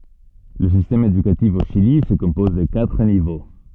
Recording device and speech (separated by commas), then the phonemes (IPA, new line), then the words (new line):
soft in-ear microphone, read sentence
lə sistɛm edykatif o ʃili sə kɔ̃pɔz də katʁ nivo
Le système éducatif au Chili se compose de quatre niveaux.